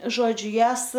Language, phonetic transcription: Lithuanian, ˈžodžiu ˈjąs

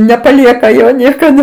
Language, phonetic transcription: Lithuanian, nepaˈlieka ˈjo niekaˈda

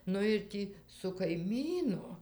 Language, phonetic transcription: Lithuanian, ˈnu ir ˈtį su kaiˈmynu

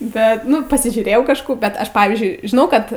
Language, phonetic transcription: Lithuanian, ˈbet ˈnu pasižiūˈrėjau kažˈkų bet ˈaš ˈpavyzdžiui žiˈnau kad

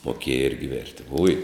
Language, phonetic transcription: Lithuanian, moˈkėja ˈirgi ˈvėrti uj

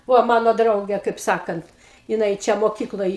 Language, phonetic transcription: Lithuanian, ˈvo ˈmano ˈdrauge kaip ˈsakant jiˈnai ˈčia moˈkykloj

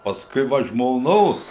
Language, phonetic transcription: Lithuanian, pasˈkui ˈva žmoˈnos

